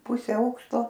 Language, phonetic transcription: Lithuanian, ˈpuse ˈaukšto

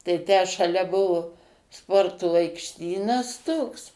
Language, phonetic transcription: Lithuanian, tai ˈtę šaˈlia ˈbuvu ˈsporto aikšˈtynas ˈtoks

